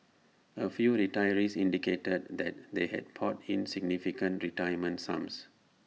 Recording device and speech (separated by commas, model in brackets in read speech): mobile phone (iPhone 6), read sentence